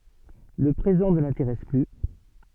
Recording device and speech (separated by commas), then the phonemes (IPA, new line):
soft in-ear microphone, read sentence
lə pʁezɑ̃ nə lɛ̃teʁɛs ply